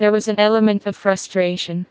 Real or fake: fake